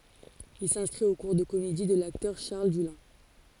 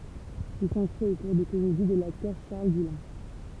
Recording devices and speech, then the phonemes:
forehead accelerometer, temple vibration pickup, read sentence
il sɛ̃skʁit o kuʁ də komedi də laktœʁ ʃaʁl dylɛ̃

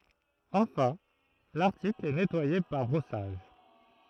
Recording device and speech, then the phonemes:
throat microphone, read sentence
ɑ̃fɛ̃ laʁtikl ɛ nɛtwaje paʁ bʁɔsaʒ

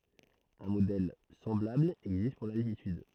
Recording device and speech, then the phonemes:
throat microphone, read sentence
œ̃ modɛl sɑ̃blabl ɛɡzist puʁ laltityd

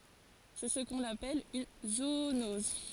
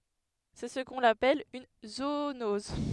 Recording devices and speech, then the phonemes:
forehead accelerometer, headset microphone, read sentence
sɛ sə kɔ̃n apɛl yn zoonɔz

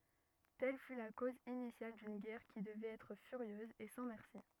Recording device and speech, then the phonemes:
rigid in-ear microphone, read sentence
tɛl fy la koz inisjal dyn ɡɛʁ ki dəvɛt ɛtʁ fyʁjøz e sɑ̃ mɛʁsi

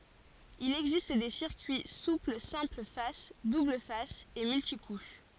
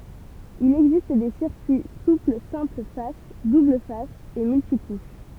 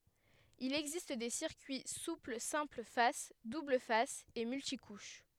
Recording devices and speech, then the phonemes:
forehead accelerometer, temple vibration pickup, headset microphone, read sentence
il ɛɡzist de siʁkyi supl sɛ̃pl fas dubl fas e myltikuʃ

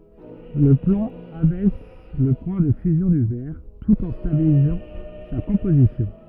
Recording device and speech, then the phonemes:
rigid in-ear microphone, read sentence
lə plɔ̃ abɛs lə pwɛ̃ də fyzjɔ̃ dy vɛʁ tut ɑ̃ stabilizɑ̃ sa kɔ̃pozisjɔ̃

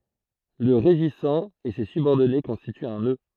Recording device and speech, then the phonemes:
throat microphone, read sentence
lə ʁeʒisɑ̃ e se sybɔʁdɔne kɔ̃stityt œ̃ nø

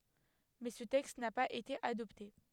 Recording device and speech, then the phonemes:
headset microphone, read sentence
mɛ sə tɛkst na paz ete adɔpte

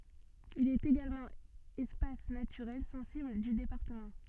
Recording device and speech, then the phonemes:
soft in-ear microphone, read sentence
il ɛt eɡalmɑ̃ ɛspas natyʁɛl sɑ̃sibl dy depaʁtəmɑ̃

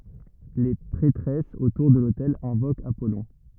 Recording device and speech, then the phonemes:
rigid in-ear microphone, read sentence
le pʁɛtʁɛsz otuʁ də lotɛl ɛ̃vokt apɔlɔ̃

